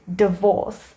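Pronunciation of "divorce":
'divorce' is pronounced correctly here.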